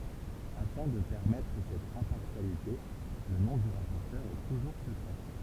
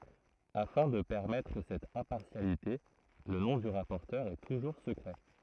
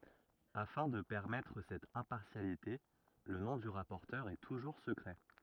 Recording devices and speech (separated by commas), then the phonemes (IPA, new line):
temple vibration pickup, throat microphone, rigid in-ear microphone, read sentence
afɛ̃ də pɛʁmɛtʁ sɛt ɛ̃paʁsjalite lə nɔ̃ dy ʁapɔʁtœʁ ɛ tuʒuʁ səkʁɛ